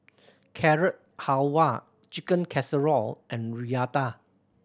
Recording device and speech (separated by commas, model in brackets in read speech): standing microphone (AKG C214), read sentence